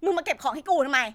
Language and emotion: Thai, angry